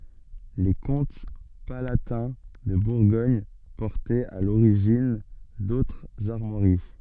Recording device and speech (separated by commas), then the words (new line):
soft in-ear microphone, read sentence
Les comtes palatins de Bourgogne portaient à l'origine d'autres armoiries.